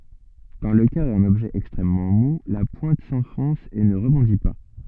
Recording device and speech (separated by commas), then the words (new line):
soft in-ear microphone, read sentence
Dans le cas d'un objet extrêmement mou, la pointe s'enfonce et ne rebondit pas.